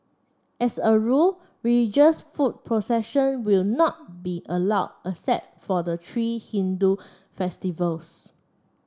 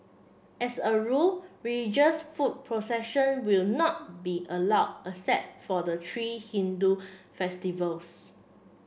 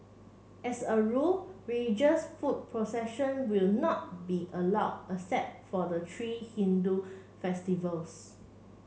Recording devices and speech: standing microphone (AKG C214), boundary microphone (BM630), mobile phone (Samsung C7), read sentence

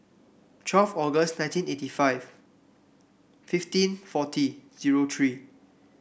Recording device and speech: boundary microphone (BM630), read sentence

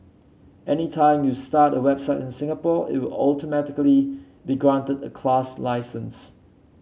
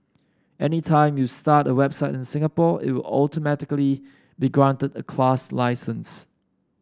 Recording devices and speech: mobile phone (Samsung C7), standing microphone (AKG C214), read sentence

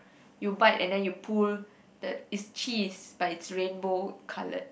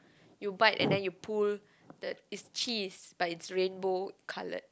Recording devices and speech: boundary microphone, close-talking microphone, conversation in the same room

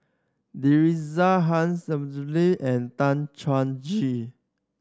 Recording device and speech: standing microphone (AKG C214), read sentence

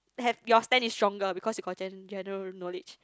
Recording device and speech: close-talking microphone, conversation in the same room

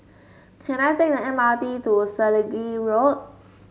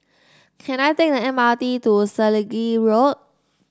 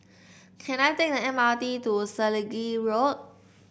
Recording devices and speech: mobile phone (Samsung S8), standing microphone (AKG C214), boundary microphone (BM630), read sentence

